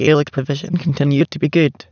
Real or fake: fake